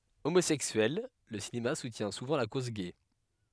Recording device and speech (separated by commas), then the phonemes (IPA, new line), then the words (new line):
headset microphone, read sentence
omozɛksyɛl lə sineast sutjɛ̃ suvɑ̃ la koz ɡɛ
Homosexuel, le cinéaste soutient souvent la cause gay.